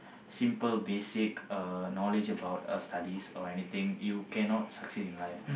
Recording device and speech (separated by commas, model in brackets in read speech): boundary microphone, conversation in the same room